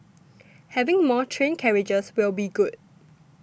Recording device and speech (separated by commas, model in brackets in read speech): boundary microphone (BM630), read sentence